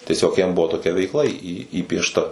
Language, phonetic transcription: Lithuanian, tieˈsiog jam ˈbuvo toˈkia veikˈla į į įpiešˈta

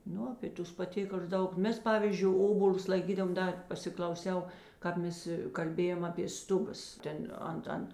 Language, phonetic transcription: Lithuanian, ˈnu apė ˈtus paˈtėkal'us ˈdaug ˈmes ˈpavyzdžiui ˈobolius laiˈkydavom ˈda pasiklauˈsiau ˈkāp ˌmes kalˈbėjam apė ˈstuˌbas ˈten ˈant ˈant

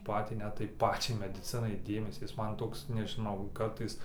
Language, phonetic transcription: Lithuanian, ˈpatį ˈnet tai ˈpačiai mediˈcinai ˈdėmesį ˈjis ˈman ˈtoks nežiˈnau ˈkartais

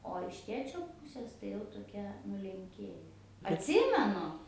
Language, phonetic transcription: Lithuanian, o iš ˈtėčio ˈpusės tai jau toˈkia nulenˈkėje atˈsimenu

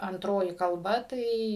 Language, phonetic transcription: Lithuanian, anˈtroji kalˈba ˈtai

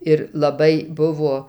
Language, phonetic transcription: Lithuanian, ir laˈbai ˈbuvo

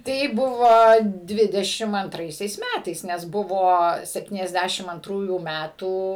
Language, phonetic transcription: Lithuanian, ˈtai ˈbuvo ˈdvidešim anˈtraisiais ˈmætais nes ˈbuvo septyniasˈdæšim anˈtrųjų ˈmætų

